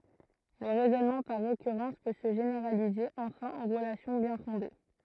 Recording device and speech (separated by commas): throat microphone, read sentence